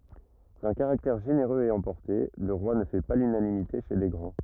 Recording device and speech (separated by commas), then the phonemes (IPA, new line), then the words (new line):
rigid in-ear microphone, read sentence
dœ̃ kaʁaktɛʁ ʒeneʁøz e ɑ̃pɔʁte lə ʁwa nə fɛ pa lynanimite ʃe le ɡʁɑ̃
D'un caractère généreux et emporté, le roi ne fait pas l'unanimité chez les grands.